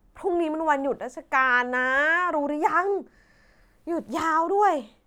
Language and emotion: Thai, frustrated